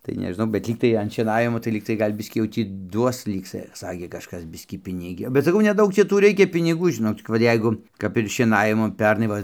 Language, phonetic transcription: Lithuanian, tai nežiˈnau bet ˈlygtai an šieˈnavimo tai ˈlygtai ˈgal' ˈbiskį jau ˈtį ˈduos ˈlyg sa ˈsakė kažˈkas ˈbiskį ˈpinigio bet saˈkau neˈdaug ˈčia ˈtų ˈreikia piniˈgų žiˈnok cik ˈva ˈjeigu kap ir šieˈnavimu ˈpernai ˈva

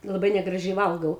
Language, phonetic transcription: Lithuanian, laˈbai negraˈžiai ˈvalgau

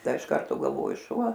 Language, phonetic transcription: Lithuanian, ˈda iš ˈkarto galˈvoju ˈšuo

